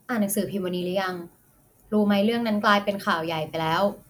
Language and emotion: Thai, neutral